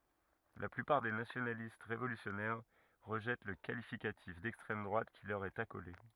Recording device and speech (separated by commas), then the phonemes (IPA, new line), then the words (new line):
rigid in-ear microphone, read sentence
la plypaʁ de nasjonalist ʁevolysjɔnɛʁ ʁəʒɛt lə kalifikatif dɛkstʁɛm dʁwat ki lœʁ ɛt akole
La plupart des nationalistes révolutionnaires rejettent le qualificatif d'extrême droite qui leur est accolé.